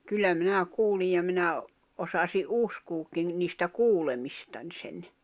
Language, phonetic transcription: Finnish, 'kyllä 'minä 'kuulij ja minä , 'osasi "’uskuukkiŋ , niistä 'kuulemistań sen .
- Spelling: kyllä minä kuulin ja minä osasin uskoakin niistä kuulemistani sen

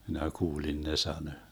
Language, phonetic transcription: Finnish, 'minä 'kuulin ne 'sanö .
- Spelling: minä kuulin ne sanoi

